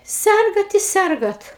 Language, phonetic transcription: Lithuanian, ˈsergat i ˈsergat

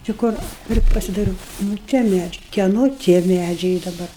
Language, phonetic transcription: Lithuanian, či ˈkur ˈpri pasidaiˈrūu nu ˈtie ˈmedžiai kieˈno tie ˈmædžiai i daˈbar

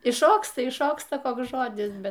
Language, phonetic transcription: Lithuanian, išˈšoksta išˈšoksta ˈkoks ˈžodis ˈbet

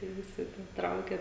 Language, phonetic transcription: Lithuanian, kai ˈvisi tie ˈtraukia

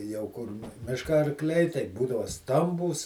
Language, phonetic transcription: Lithuanian, jau ˈkur ˈmiška arˈkliai taiˈbūdava ˈstambūs

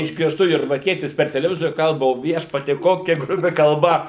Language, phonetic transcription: Lithuanian, išgirˈstu jurbarˈkietis per teleˈvizoriu ˈkalba o ˈviešpatie ˈkokia gruˈbi kalˈba

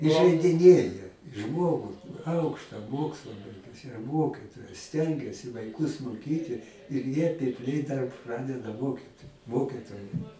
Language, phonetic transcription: Lithuanian, ižeidiˈnėja ˈžmogu ˈaukšta ˈmoksla ˈbaigusi ˈmokitojas ˈstengiasi vaiˈkus moˈkyti ir ˈjie pipˈliai dar ˈpradeda ˈmokyt ˈmokitoja

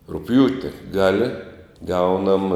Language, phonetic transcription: Lithuanian, rugˈpjūti ˈgali ˈgaunam

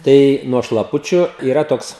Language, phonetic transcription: Lithuanian, ˈtai nuo šlaˈpučiu yˈra ˈtoks

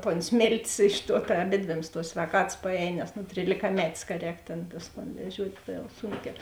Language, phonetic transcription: Lithuanian, ton ˈsmėltės ˈiš ˌtuo ta aˈbėdvėms tuos svēˈkatas paˈēj nes nu trylikaˈmetės ka ˈrēk tėn ˈtus ton veˈžiuot' ˈta jau ˈsūnkiā

